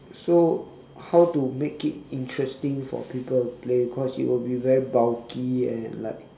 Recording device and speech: standing microphone, conversation in separate rooms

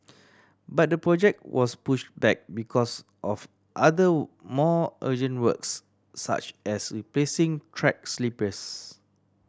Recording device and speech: standing microphone (AKG C214), read sentence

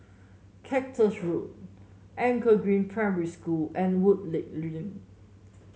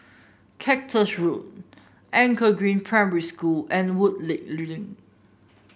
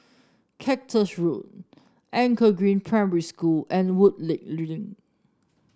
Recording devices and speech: mobile phone (Samsung S8), boundary microphone (BM630), standing microphone (AKG C214), read sentence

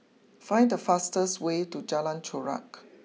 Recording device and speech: mobile phone (iPhone 6), read sentence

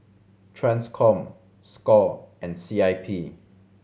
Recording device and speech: mobile phone (Samsung C7100), read sentence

